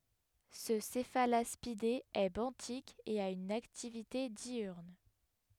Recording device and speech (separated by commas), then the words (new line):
headset microphone, read sentence
Ce Cephalaspidé est benthique et a une activité diurne.